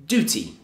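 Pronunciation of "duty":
'Duty' is said the American English way, with just an oo sound after the d and no y sound before it.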